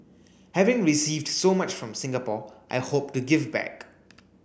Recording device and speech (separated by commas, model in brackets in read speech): boundary microphone (BM630), read sentence